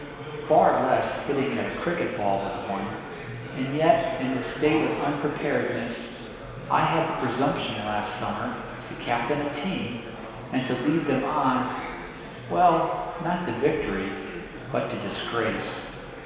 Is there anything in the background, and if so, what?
Crowd babble.